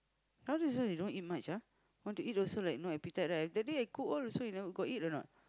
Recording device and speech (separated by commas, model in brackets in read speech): close-talking microphone, conversation in the same room